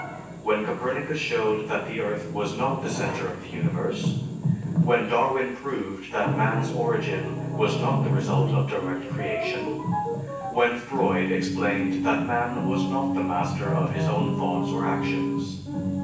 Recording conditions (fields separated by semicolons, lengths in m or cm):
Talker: one person; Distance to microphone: 9.8 m; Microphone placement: far; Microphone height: 1.8 m; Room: large; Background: television